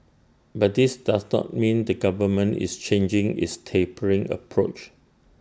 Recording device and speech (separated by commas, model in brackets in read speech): standing microphone (AKG C214), read sentence